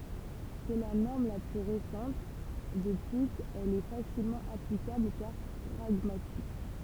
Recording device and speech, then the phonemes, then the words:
temple vibration pickup, read sentence
sɛ la nɔʁm la ply ʁesɑ̃t də plyz ɛl ɛ fasilmɑ̃ aplikabl kaʁ pʁaɡmatik
C’est la norme la plus récente, de plus elle est facilement applicable car pragmatique.

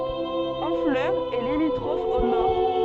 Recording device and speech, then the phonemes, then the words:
soft in-ear microphone, read sentence
ɔ̃flœʁ ɛ limitʁɔf o nɔʁ
Honfleur est limitrophe au nord.

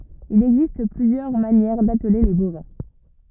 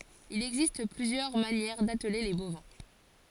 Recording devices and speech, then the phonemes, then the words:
rigid in-ear microphone, forehead accelerometer, read sentence
il ɛɡzist plyzjœʁ manjɛʁ datle le bovɛ̃
Il existe plusieurs manières d’atteler les bovins.

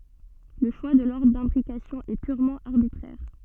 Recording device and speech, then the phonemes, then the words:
soft in-ear microphone, read sentence
lə ʃwa də lɔʁdʁ dɛ̃bʁikasjɔ̃ ɛ pyʁmɑ̃ aʁbitʁɛʁ
Le choix de l'ordre d'imbrication est purement arbitraire.

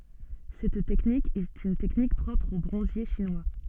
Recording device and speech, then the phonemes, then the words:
soft in-ear microphone, read sentence
sɛt tɛknik ɛt yn tɛknik pʁɔpʁ o bʁɔ̃zje ʃinwa
Cette technique est une technique propre aux bronziers chinois.

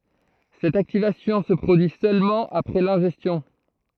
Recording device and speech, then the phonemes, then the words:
throat microphone, read sentence
sɛt aktivasjɔ̃ sə pʁodyi sølmɑ̃ apʁɛ lɛ̃ʒɛstjɔ̃
Cette activation se produit seulement après l'ingestion.

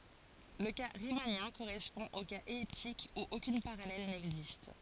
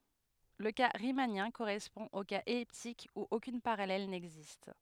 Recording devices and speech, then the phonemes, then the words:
forehead accelerometer, headset microphone, read sentence
lə ka ʁimanjɛ̃ koʁɛspɔ̃ o kaz ɛliptik u okyn paʁalɛl nɛɡzist
Le cas riemannien correspond au cas elliptique où aucune parallèle n'existe.

